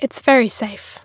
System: none